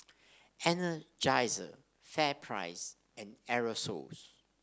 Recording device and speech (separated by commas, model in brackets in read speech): standing microphone (AKG C214), read sentence